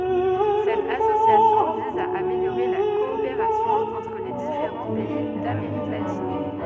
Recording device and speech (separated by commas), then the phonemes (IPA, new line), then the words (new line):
soft in-ear microphone, read sentence
sɛt asosjasjɔ̃ viz a ameljoʁe la kɔopeʁasjɔ̃ ɑ̃tʁ le difeʁɑ̃ pɛi dameʁik latin
Cette association vise à améliorer la coopération entre les différents pays d'Amérique latine.